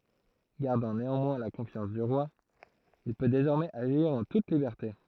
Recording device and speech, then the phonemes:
throat microphone, read sentence
ɡaʁdɑ̃ neɑ̃mwɛ̃ la kɔ̃fjɑ̃s dy ʁwa il pø dezɔʁmɛz aʒiʁ ɑ̃ tut libɛʁte

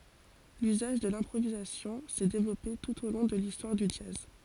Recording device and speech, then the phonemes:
forehead accelerometer, read sentence
lyzaʒ də lɛ̃pʁovizasjɔ̃ sɛ devlɔpe tut o lɔ̃ də listwaʁ dy dʒaz

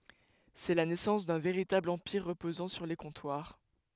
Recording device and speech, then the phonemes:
headset microphone, read sentence
sɛ la nɛsɑ̃s dœ̃ veʁitabl ɑ̃piʁ ʁəpozɑ̃ syʁ le kɔ̃twaʁ

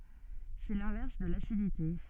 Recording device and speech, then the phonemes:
soft in-ear microphone, read sentence
sɛ lɛ̃vɛʁs də lasidite

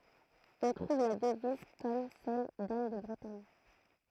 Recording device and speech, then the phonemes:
throat microphone, read sentence
ɔ̃ tʁuv la dəviz kɔm sɛl dan də bʁətaɲ

